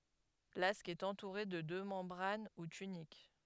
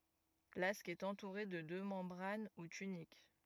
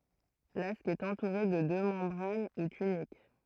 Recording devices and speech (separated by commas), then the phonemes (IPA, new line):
headset microphone, rigid in-ear microphone, throat microphone, read sentence
lask ɛt ɑ̃tuʁe də dø mɑ̃bʁan u tynik